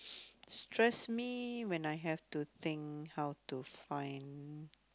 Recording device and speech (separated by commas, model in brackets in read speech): close-talking microphone, conversation in the same room